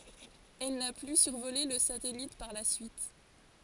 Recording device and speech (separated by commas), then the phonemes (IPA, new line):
forehead accelerometer, read sentence
ɛl na ply syʁvole lə satɛlit paʁ la syit